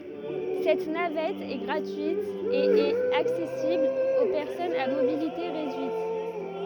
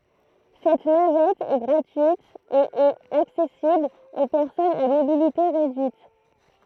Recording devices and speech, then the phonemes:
rigid in-ear microphone, throat microphone, read sentence
sɛt navɛt ɛ ɡʁatyit e ɛt aksɛsibl o pɛʁsɔnz a mobilite ʁedyit

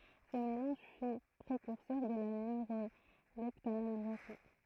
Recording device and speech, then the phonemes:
throat microphone, read sentence
sə melɑ̃ʒ fy pʁekyʁsœʁ də la nøʁolɛptanalʒezi

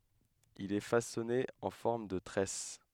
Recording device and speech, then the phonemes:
headset microphone, read sentence
il ɛ fasɔne ɑ̃ fɔʁm də tʁɛs

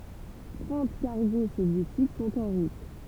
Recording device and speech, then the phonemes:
temple vibration pickup, read sentence
tʁɑ̃t kaʁɡo sovjetik sɔ̃t ɑ̃ ʁut

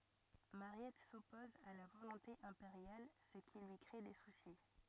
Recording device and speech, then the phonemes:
rigid in-ear microphone, read sentence
maʁjɛt sɔpɔz a la volɔ̃te ɛ̃peʁjal sə ki lyi kʁe de susi

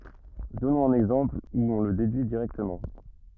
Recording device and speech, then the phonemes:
rigid in-ear microphone, read sentence
dɔnɔ̃z œ̃n ɛɡzɑ̃pl u ɔ̃ lə dedyi diʁɛktəmɑ̃

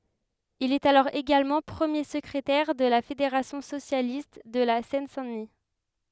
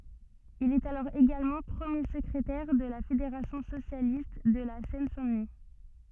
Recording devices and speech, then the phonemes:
headset microphone, soft in-ear microphone, read sentence
il ɛt alɔʁ eɡalmɑ̃ pʁəmje səkʁetɛʁ də la fedeʁasjɔ̃ sosjalist də la sɛn sɛ̃ dəni

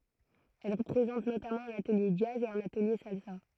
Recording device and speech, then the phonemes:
throat microphone, read sentence
ɛl pʁezɑ̃t notamɑ̃ œ̃n atəlje dʒaz e œ̃n atəlje salsa

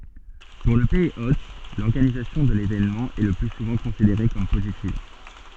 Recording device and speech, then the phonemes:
soft in-ear microphone, read sentence
puʁ lə pɛiz ot lɔʁɡanizasjɔ̃ də levenmɑ̃ ɛ lə ply suvɑ̃ kɔ̃sideʁe kɔm pozitiv

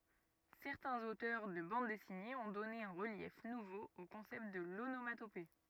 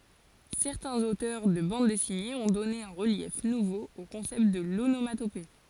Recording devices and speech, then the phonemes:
rigid in-ear microphone, forehead accelerometer, read sentence
sɛʁtɛ̃z otœʁ də bɑ̃d dɛsinez ɔ̃ dɔne œ̃ ʁəljɛf nuvo o kɔ̃sɛpt də lonomatope

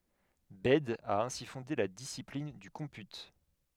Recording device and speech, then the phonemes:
headset microphone, read sentence
bɛd a ɛ̃si fɔ̃de la disiplin dy kɔ̃py

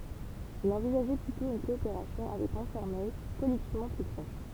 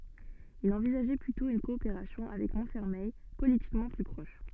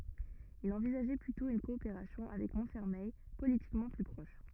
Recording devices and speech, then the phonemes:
temple vibration pickup, soft in-ear microphone, rigid in-ear microphone, read sentence
il ɑ̃vizaʒɛ plytɔ̃ yn kɔopeʁasjɔ̃ avɛk mɔ̃tfɛʁmɛj politikmɑ̃ ply pʁɔʃ

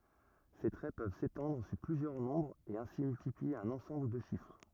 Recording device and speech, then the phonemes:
rigid in-ear microphone, read sentence
se tʁɛ pøv setɑ̃dʁ syʁ plyzjœʁ nɔ̃bʁz e ɛ̃si myltiplie œ̃n ɑ̃sɑ̃bl də ʃifʁ

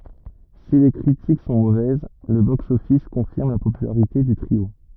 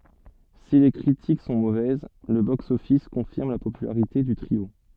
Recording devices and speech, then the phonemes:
rigid in-ear microphone, soft in-ear microphone, read sentence
si le kʁitik sɔ̃ movɛz lə boksɔfis kɔ̃fiʁm la popylaʁite dy tʁio

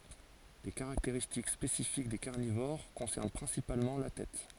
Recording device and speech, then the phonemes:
forehead accelerometer, read sentence
le kaʁakteʁistik spesifik de kaʁnivoʁ kɔ̃sɛʁn pʁɛ̃sipalmɑ̃ la tɛt

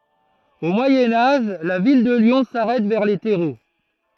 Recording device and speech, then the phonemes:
throat microphone, read sentence
o mwajɛ̃ aʒ la vil də ljɔ̃ saʁɛt vɛʁ le tɛʁo

